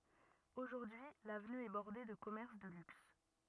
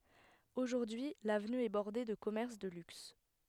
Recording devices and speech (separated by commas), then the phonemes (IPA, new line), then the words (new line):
rigid in-ear microphone, headset microphone, read sentence
oʒuʁdyi lavny ɛ bɔʁde də kɔmɛʁs də lyks
Aujourd'hui, l'avenue est bordée de commerces de luxe.